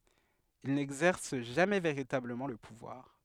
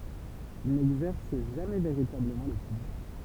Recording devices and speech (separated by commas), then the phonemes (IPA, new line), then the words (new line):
headset microphone, temple vibration pickup, read sentence
il nɛɡzɛʁs ʒamɛ veʁitabləmɑ̃ lə puvwaʁ
Il n'exerce jamais véritablement le pouvoir.